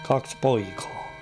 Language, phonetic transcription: Finnish, 'kaks "poikᴀᴀ .
- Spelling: kaksi poikaa

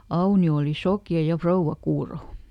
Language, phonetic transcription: Finnish, ˈAuni₍o òli "sokja ja ˈfrouvva ˈkuuro .
- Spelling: Aunio oli sokea ja rouva kuuro

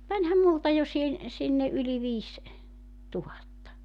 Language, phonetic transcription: Finnish, mut 'mäńhäm multa jo sihen , 'sinne '’yli viis , 'tuhatta .
- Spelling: mutta menihän minulta jo siihen sinne yli viisi tuhatta

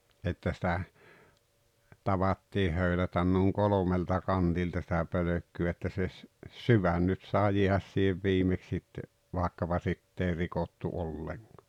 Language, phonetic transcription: Finnish, ’että sⁱtä , 'tavattii 'höylätän nuuŋ "kolomelta "kantilta sⁱtä 'pölökky₍ä että se ‿s- , "syvän nyt saaᵉ 'jiähäs siihev 'viimeks sitte , 'vàekkapa "sitt ‿èi 'rikottu "’olleŋkᴀ .
- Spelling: että sitä tavattiin höylätä noin kolmelta kantilta sitä pölkkyä että se - sydän nyt saa jäädä siihen viimeksi sitten vaikkapa sitten ei rikottu ollenkaan

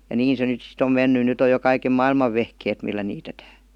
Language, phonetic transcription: Finnish, ja "niin se 'nyt sit ‿om 'menny 'nyt ‿oj jo kaikem "mailmav vehkeet millä niitetää .
- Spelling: ja niin se nyt sitten on mennyt nyt on jo kaiken maailman vehkeet millä niitetään

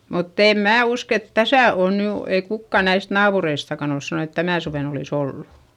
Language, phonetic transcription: Finnish, mutt ‿èm mää usk ‿et täsä òn ny , ei kukka näist naapureistakan ‿ols sanon ‿et tänä̀ suven ‿olìs ‿ollu .
- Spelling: mutta en minä usko että tässä on nyt ei kukaan näistä naapureistakaan ole sanonut että tänä suvena olisi ollut

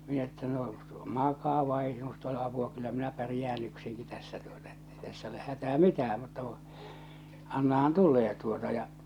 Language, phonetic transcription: Finnish, 'minä että no , 'makaa vai ei sinust ‿ole apua 'kyllä 'minä 'pärⁱjään 'yksiŋki tässä tuota ettei täss ‿oleh 'hätää "mitää mutta kuṵ , annahan 'tul̆lee tuota ja .
- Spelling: minä että no makaa vain ei sinusta ole apua kyllä minä pärjään yksinkin tässä tuota että ei tässä ole hätää mitään mutta kun annahan tulee tuota ja

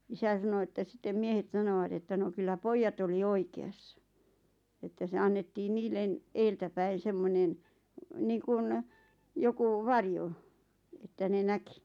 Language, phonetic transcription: Finnish, isä sano että 'sⁱttem "miehet 'sanovat että no kyllä "poijjat oli "oike₍assa , että se 'annettiin "niillen , "eeltäpäin̬ 'semmonen , 'niiŋkun , 'joku "varjo , että ne 'näki .
- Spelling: isä sanoi että sitten miehet sanoivat että no kyllä pojat oli oikeassa että se annettiin niille edeltäpäin semmoinen niin kuin joku varjo että ne näki

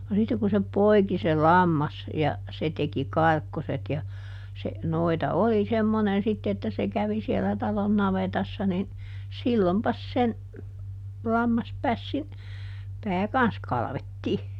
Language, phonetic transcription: Finnish, no ˈsitte ku se "poi̮ki se ˈlammas , ja , ˈse teki "karkkoset ja , se , "noita ˈoli ˈsemmonen sitte että se ˈkävi sielä ˈtalon ˈnavetassa nin , ˈsillompas sen , ˈlammaspässin , ˈpää "kans ˈkalᵃvettii .
- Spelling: no sitten kun se poiki se lammas ja se teki karkkoset ja se noita oli semmoinen sitten että se kävi siellä talon navetassa niin silloinpas sen lammaspässin pää kanssa kalvettiin

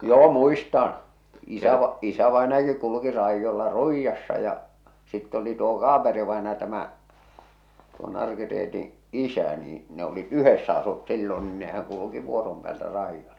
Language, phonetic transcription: Finnish, joo 'muistan̬ , isäva- , 'isävàenajaki 'kuluki 'raijjolla "Ruijjassa ja , sitt ‿oli tuo "Kaaperi-vaenaja tämä , tuo Narki-Reetiḭ "’isä nii , ne olit , "yhessä asut 'sillon niin nehäŋ kuluki 'vuorom pᵉäältä 'raijjoilᴀ .
- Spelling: joo muistan - isävainajakin kulki raidolla Ruijassa ja sitten oli tuo Kaaperi-vainaja tämä tuo Narki-Reetin isä niin ne olivat yhdessä asuivat silloin niin nehän kulki vuoron päältä raidoilla

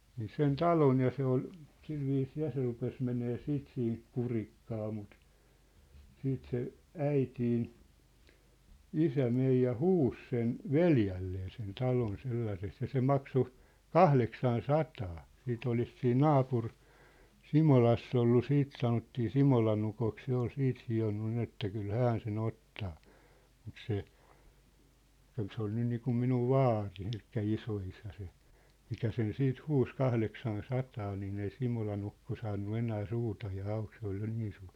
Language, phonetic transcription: Finnish, nii 'sen "talon̳ ja 'se ‿ol , 'silviisii 'ja se rupes menee 'siit siint "kurikkaa mut , 'siit se , 'äitiin , "isä "mej ja "huus 'sen , "veljällee sen 'talon 'sellaseks ja se "makso , "kahleksan "sataa , 'siit ‿olis siin "naapur- , "Simolass ‿ollu "siit sanottii "Simolan ‿ukok 'se ‿ol 'siit hi₍onnu 'nin ‿että 'kyl "hän se"n ‿ottaa , mut se , 'kyl se oli niikum 'minuv "vaari elikkä "iso₍isä se , 'mikä 'sen 'siit "huus 'kahleksan "sataa niin ‿ei 'Simolan ‿ukko 'saannu 'enää 'suutajaa 'auk se ‿ol jo 'niin suur .
- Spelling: niin sen talon ja se oli sillä viisiin ja se rupesi menemään sitten siitä kurikkaan mutta sitten se äitini isä meni ja huusi sen veljelleen sen talon sellaiseksi ja se maksoi kahdeksan sataa siitä olisi siinä - Simolassa ollut sitten sanottiin Simolan ukoksi se oli sitten hionut niin että kyllä hän sen ottaa mutta se kyllä se oli niin kuin minun vaari eli isoisä se mikä sen sitten huusi kahdeksan sataa niin ei Simolan ukko saanut enää suutaan auki se oli jo niin suuri

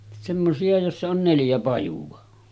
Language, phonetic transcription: Finnish, semmosi₍a jossa on 'neljä pajuva .
- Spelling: semmoisia joissa on neljä pajua

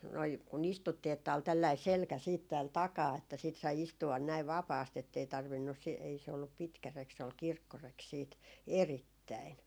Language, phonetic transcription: Finnish, noi , ku'n ‿istuttii että ol 'tällai "selkä siit tääl 'takaa että siit sai 'istu₍an näiv "vapaast ‿ettei 'tarvinnus si- , ei se ollup "pitkä 'rek se ol "kirkkorek siit , "erittäin .
- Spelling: noin kun istuttiin että oli tällainen selkä sitten täällä takana että sitten sai istua näin vapaasti että ei tarvinnut - ei se ollut pitkä reki se oli kirkkoreki sitten erittäin

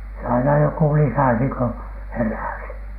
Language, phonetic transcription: Finnish, se aina joku 'lisäsi ko , "heräsi .
- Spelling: se aina joku lisäsi kun heräsi

